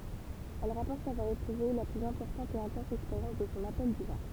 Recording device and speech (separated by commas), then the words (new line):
temple vibration pickup, read sentence
Elle rapporte avoir éprouvé la plus importante et intense expérience de son appel divin.